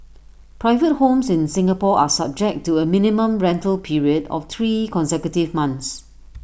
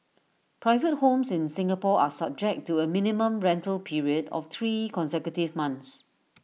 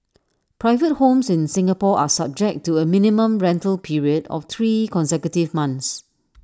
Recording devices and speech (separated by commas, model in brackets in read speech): boundary microphone (BM630), mobile phone (iPhone 6), standing microphone (AKG C214), read sentence